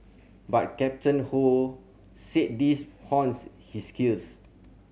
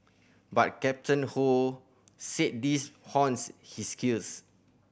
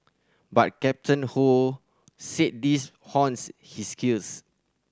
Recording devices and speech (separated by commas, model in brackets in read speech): mobile phone (Samsung C7100), boundary microphone (BM630), standing microphone (AKG C214), read sentence